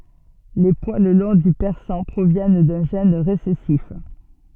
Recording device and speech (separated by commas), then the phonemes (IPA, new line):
soft in-ear microphone, read sentence
le pwal lɔ̃ dy pɛʁsɑ̃ pʁovjɛn dœ̃ ʒɛn ʁesɛsif